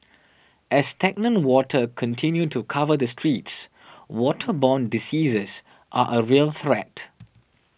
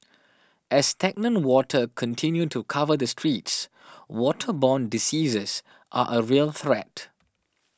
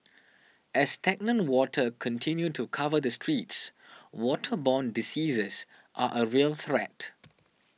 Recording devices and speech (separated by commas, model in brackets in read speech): boundary microphone (BM630), standing microphone (AKG C214), mobile phone (iPhone 6), read sentence